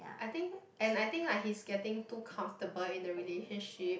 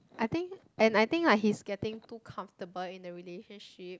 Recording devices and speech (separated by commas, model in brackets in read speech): boundary microphone, close-talking microphone, conversation in the same room